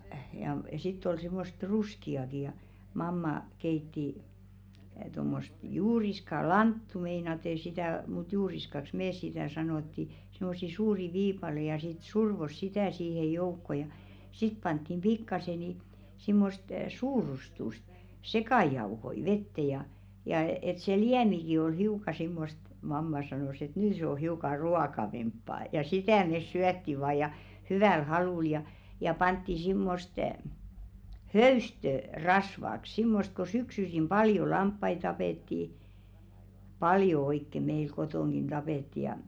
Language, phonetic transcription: Finnish, ja sitt ‿ol 'sḙmmost "ruski₍aki ja , 'mamma , keitti tommost 'juuriska "lanttu meinate sitä̀ , mut 'juuriskaks "mees sitä̀ 'sanòtti , simmossi "suuri 'viipale ja sit "survos "sitä̀ siihej̆ 'joukko ja , sit panttim 'ʙikkase ni , simmost "suurustust , "sekàjauhoi 'vette ja , ja et se "liämiki oi 'hiuk̀a simmost , 'mamma sanos ‿et » 'nyy se o 'hiuka "ruakavemppaa « , ja 'sitä̀ mes 'syätti vaa ja , "hyvä̀l 'halùl ja , ja 'pantti 'simmost , "höystö , 'rasvak 'simmost ko syksysim 'paljo "lamppai tapètti , "paljo oikke meil 'kotòŋɢin ᴅapètti ja .
- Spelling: ja sitten oli semmoista ruskeaakin ja mamma keitti tuommoista juuriskaa lanttua meinaten sitä mutta juuriskaksi me sitä sanottiin semmoisia suuria viipaleita ja sitten survoi sitä siihen joukkoon ja sitten pantiin pikkaisen niin semmoista suurustusta sekajauhoja veteen ja ja että se liemikin oli hiukan semmoista mamma sanoi että nyt se on hiukan ruokavampaa ja sitä me syötiin vain ja hyvällä halulla ja ja pantiin semmoista höystöä rasvaksi semmoista kun syksyisin paljon lampaita tapettiin paljon oikein meillä kotonakin tapettiin ja

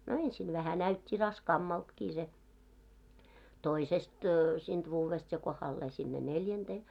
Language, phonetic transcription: Finnish, no "ensin vähä "näyt́t́i 'raskaammaltkii se , "toisest , siint 'vuuvest ja kohallee sinne "neljänᴅee .
- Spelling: no ensin vähän näytti raskaammaltakin se toisesta siitä vuodesta ja kohdalleen sinne neljänteen

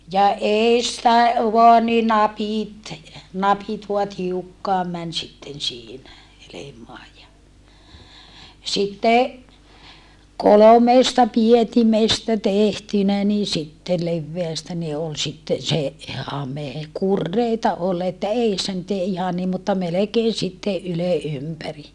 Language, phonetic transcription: Finnish, ja eestä , voa ni napìt , napit vua tiukkaam män sitten siinä , helemoaj ja , sitte , kolomeesta pietimestä tehtynä nii sitte levveästä ni ol sitten se , hamè kurreita ol että eissä nyt ‿ei ihan niim mutta melekeen̬ sitteʼ ʼyle ʼympäri .
- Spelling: ja edestä vain niin napit napit vain tiukkaan meni sitten siinä helmaan ja sitten kolmesta pietimestä tehtynä niin sitten leveästä niin oli sitten se hame kureita oli että edessä nyt ei ihan niin mutta melkein sitten ylen ympäri

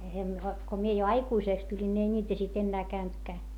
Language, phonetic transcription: Finnish, ko mie jo aikuisèks tuĺin ńi ei ńiitä sit ennää käyntkää .
- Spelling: kun minä jo aikuiseksi tulin niin ei niitä sitten enää käynytkään

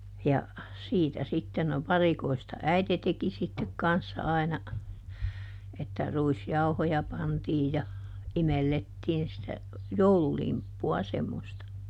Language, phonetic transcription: Finnish, ja , ˈsiitä sitten - no "varikoista "äite teki sittek ˈkanssa aina , että ˈruis"jauhoja pantii ja , ˈimellettiin sitä , "joululimppu₍a semmosta .
- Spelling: ja siitä sitten no varikoista äiti teki sitten kanssa aina että ruisjauhoja pantiin ja imellettiin sitä joululimppua semmoista

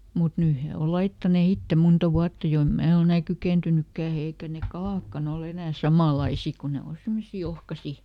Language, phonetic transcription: Finnish, mut ˈnyy he ol "laittane ˈitte ˈmonta "vuatta ˈjo em ˈmää oˈl ‿enä "kykèntynykkää ˈeikä ne "kalàkkan ‿oˈl ‿enää "samàlaisi ku ˈne o ˈsimmosii ˈohkasi .
- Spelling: mutta nyt he on laittaneet itse monta vuotta jo en minä ole enää kykeentynytkään eikä ne kalatkaan ole enää samanlaisia kun ne on semmoisia ohkaisia

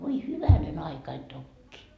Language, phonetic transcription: Finnish, 'voi "hyvänen ‿aikain 'tokkii .
- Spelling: voi hyvänen aikani tokiin

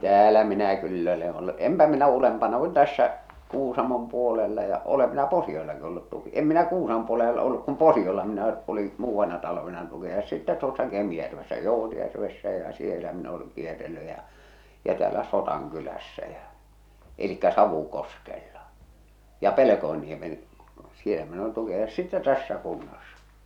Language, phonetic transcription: Finnish, 'täälä minä 'kyll ‿ö̳leḛ ollu , 'empä minä "ulempana kun 'tässä , 'Kuusamom puolella ja , olem minä 'Posi₍ollaki ollut tuki- , 'em minä "Kuusam°ᵐ puolell ‿ole’ olluk kum "Posi₍olla minä , oli , 'muuvvanna talvena tuki₍ajossa sittä 'tuossa 'Kemⁱjärvessä "Jòutjärvessä ja͕ "sielä min ‿oleŋ kierrelly ja͕ , ja täälä "Sotaŋ'kylässä jä͔ , elikkä 'Savu'koskella , ja "Pelekoenniemen , 'sielä min ‿olin tuki₍ajossa , sitte "tässä kunnassᴀ .
- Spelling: täällä minä kyllä olen ollut enpä minä ylempänä kuin tässä Kuusamon puolella ja olen minä Posiollakin ollut - en minä Kuusamon puolella ole ollut kun Posiolla minä olin muutamana talvena tukinajossa sitten tuossa Kemijärvessä Joutjärvessä ja siellä minä olen kierrellyt ja ja täällä Sodankylässä ja eli Savukoskella ja Pelkosenniemen siellä minä olin tukinajossa sitten tässä kunnassa

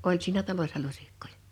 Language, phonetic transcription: Finnish, 'oĺ siinä talośsa 'luśikkojᴀ .
- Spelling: oli siinä talossa lusikoita

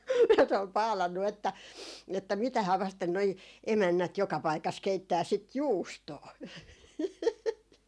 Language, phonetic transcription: Finnish, ja se ol "paalannu 'että , 'että » 'mitähää 'vasten noi 'emännät joka paikas 'keittää sit "juustoo » .
- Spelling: ja se oli paalannut että että mitähän vasten nuo emännät joka paikassa keittää sitä juustoa

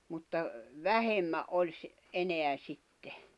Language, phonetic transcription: Finnish, mutta , 'vähemmä’ ’oĺ sⁱ- , 'eneä 'sitte .
- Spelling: mutta vähemmän oli - enää sitten

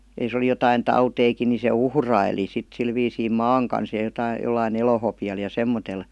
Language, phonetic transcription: Finnish, ja jos ‿oli jotain "tauteikin ni se "uhraili sit 'sil viisii "maaŋ kans ja jotai- jollai"n ‿elohopi₍al ja 'semmotel .
- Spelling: ja jos oli jotakin tautejakin niin se uhraili sitten sillä viisiin maan kanssa ja - jollakin elohopealla ja semmoisella

